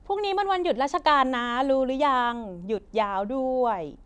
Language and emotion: Thai, happy